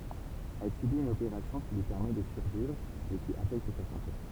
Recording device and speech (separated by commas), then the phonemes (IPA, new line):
temple vibration pickup, read sentence
ɛl sybit yn opeʁasjɔ̃ ki lyi pɛʁmɛ də syʁvivʁ mɛ ki afɛkt sa sɑ̃te